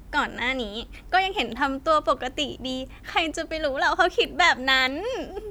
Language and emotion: Thai, happy